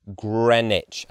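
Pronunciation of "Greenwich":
In 'Greenwich', the vowel sound in the first syllable is short, and the W is not pronounced.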